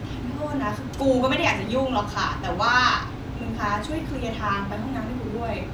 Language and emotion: Thai, angry